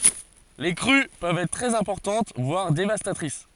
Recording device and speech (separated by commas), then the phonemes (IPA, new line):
forehead accelerometer, read sentence
le kʁy pøvt ɛtʁ tʁɛz ɛ̃pɔʁtɑ̃t vwaʁ devastatʁis